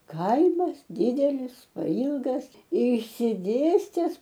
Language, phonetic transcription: Lithuanian, ˈkaimas ˈdydelis paˈylgas išsiˈdėstes

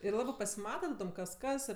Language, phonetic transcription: Lithuanian, ir ˈlabɜ pasiˈmata taˈdom kas ˈkas

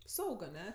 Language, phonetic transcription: Lithuanian, ˈsaug aˈne

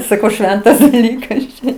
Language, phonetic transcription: Lithuanian, saˈkau ˈšventas daˈlykas čia

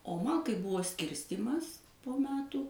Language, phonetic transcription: Lithuanian, o ˈman kai ˈbuvo ˈskirstymas po ˈmetų

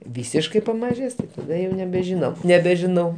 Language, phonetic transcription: Lithuanian, ˈvysiškai pamaˈžės taˈda jau nebežiˈnau nebežiˈnau

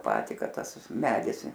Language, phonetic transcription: Lithuanian, ˈjau ˈpatį ˈkad ˈtas ˈmedis

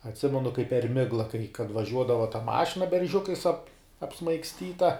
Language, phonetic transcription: Lithuanian, atˈsimenu kaip per ˈmigla kai kad vaˈžiuodava ta ˈmašina berˈžiukais ap apsmaigsˈtyta

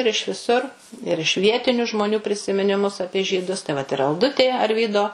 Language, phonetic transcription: Lithuanian, ir iš viˈsur ir iš ˈvietiniu žmoˈnių prisiminiˈmus ˈapie žyˈdus tai vat ir alˈdutė arˈvydo

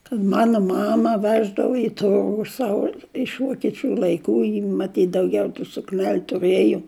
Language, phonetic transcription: Lithuanian, kad ˈmano ˈmama ˈveždavo i ˈturgu ˈsavo iš vokieˈčių laiˈkų ji maˈtyt dauˈgiau tų sukˈnel' tuˈrɘjo

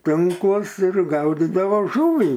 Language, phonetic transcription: Lithuanian, ˈtinklus ir ˈgaudidavo ˈžuvį

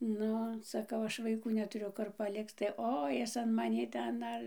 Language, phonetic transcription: Lithuanian, ˈnu saˈkau ˈaš vaiˈkų netuˈriu ˈkur paˈlikc tai ˈo ˈjis an maˈnį ˈten ˈdar

